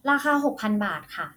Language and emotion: Thai, neutral